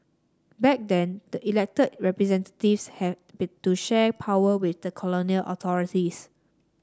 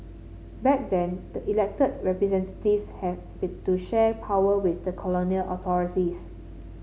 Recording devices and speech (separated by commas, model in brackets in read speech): standing microphone (AKG C214), mobile phone (Samsung C7), read sentence